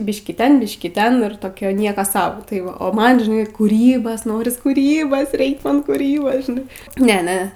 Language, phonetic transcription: Lithuanian, ˈbiškį ˈten ˈbiškį ˈten ir toˈkia ˈnieko ˈsau tai ˈva o ˈman žiˈnai kūˈrybas ˈnoris kuˈrybas ˈreik ˈman kuˈrybas žiˈnai ˈne ˈne

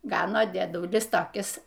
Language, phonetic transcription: Lithuanian, ˈgano dieˈdulis toˈkis

